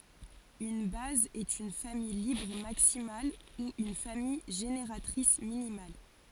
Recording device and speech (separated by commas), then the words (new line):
forehead accelerometer, read sentence
Une base est une famille libre maximale ou une famille génératrice minimale.